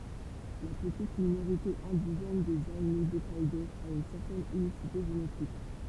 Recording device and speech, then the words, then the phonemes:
temple vibration pickup, read sentence
La petite minorité indigène des Aïnous d'Hokkaidō a une certaine unicité génétique.
la pətit minoʁite ɛ̃diʒɛn dez ainu dɔkkɛdo a yn sɛʁtɛn ynisite ʒenetik

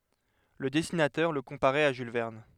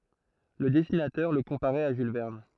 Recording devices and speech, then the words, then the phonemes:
headset microphone, throat microphone, read sentence
Le dessinateur le comparait à Jules Verne.
lə dɛsinatœʁ lə kɔ̃paʁɛt a ʒyl vɛʁn

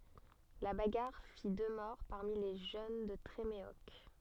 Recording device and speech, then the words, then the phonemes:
soft in-ear microphone, read sentence
La bagarre fit deux morts parmi les jeunes de Tréméoc.
la baɡaʁ fi dø mɔʁ paʁmi le ʒøn də tʁemeɔk

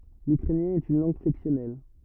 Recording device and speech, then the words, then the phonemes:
rigid in-ear microphone, read sentence
L'ukrainien est une langue flexionnelle.
lykʁɛnjɛ̃ ɛt yn lɑ̃ɡ flɛksjɔnɛl

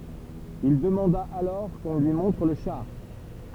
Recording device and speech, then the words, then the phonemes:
temple vibration pickup, read sentence
Il demanda alors qu’on lui montre le char.
il dəmɑ̃da alɔʁ kɔ̃ lyi mɔ̃tʁ lə ʃaʁ

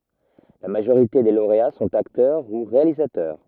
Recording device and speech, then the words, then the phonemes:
rigid in-ear microphone, read sentence
La majorité des lauréats sont acteurs ou réalisateurs.
la maʒoʁite de loʁea sɔ̃t aktœʁ u ʁealizatœʁ

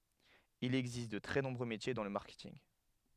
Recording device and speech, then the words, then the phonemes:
headset microphone, read sentence
Il existe de très nombreux métiers dans le marketing.
il ɛɡzist də tʁɛ nɔ̃bʁø metje dɑ̃ lə maʁkɛtinɡ

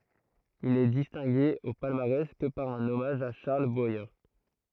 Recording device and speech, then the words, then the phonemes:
throat microphone, read sentence
Il n'est distingué au palmarès que par un hommage à Charles Boyer.
il nɛ distɛ̃ɡe o palmaʁɛs kə paʁ œ̃n ɔmaʒ a ʃaʁl bwaje

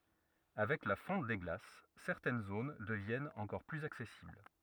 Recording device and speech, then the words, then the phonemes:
rigid in-ear microphone, read sentence
Avec la fonte des glaces, certaines zones deviennent encore plus accessibles.
avɛk la fɔ̃t de ɡlas sɛʁtɛn zon dəvjɛnt ɑ̃kɔʁ plyz aksɛsibl

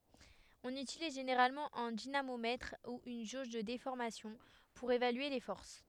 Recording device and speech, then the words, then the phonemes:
headset microphone, read sentence
On utilise généralement un dynamomètre ou une jauge de déformation pour évaluer les forces.
ɔ̃n ytiliz ʒeneʁalmɑ̃ œ̃ dinamomɛtʁ u yn ʒoʒ də defɔʁmasjɔ̃ puʁ evalye le fɔʁs

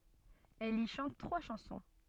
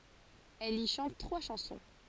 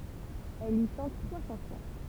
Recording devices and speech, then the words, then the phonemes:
soft in-ear microphone, forehead accelerometer, temple vibration pickup, read sentence
Elle y chante trois chansons.
ɛl i ʃɑ̃t tʁwa ʃɑ̃sɔ̃

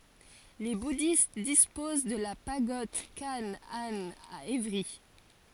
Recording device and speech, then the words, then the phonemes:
forehead accelerometer, read sentence
Les bouddhistes disposent de la Pagode Khánh-Anh à Évry.
le budist dispoz də la paɡɔd kan an a evʁi

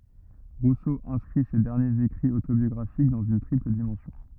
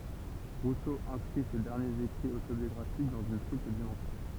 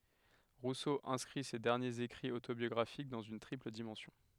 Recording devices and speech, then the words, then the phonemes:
rigid in-ear microphone, temple vibration pickup, headset microphone, read sentence
Rousseau inscrit ces derniers écrits autobiographiques dans une triple dimension.
ʁuso ɛ̃skʁi se dɛʁnjez ekʁiz otobjɔɡʁafik dɑ̃z yn tʁipl dimɑ̃sjɔ̃

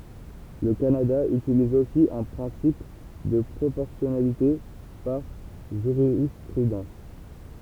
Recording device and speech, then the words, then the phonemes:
temple vibration pickup, read sentence
Le Canada utilise aussi un principe de proportionnalité par jurisprudence.
lə kanada ytiliz osi œ̃ pʁɛ̃sip də pʁopɔʁsjɔnalite paʁ ʒyʁispʁydɑ̃s

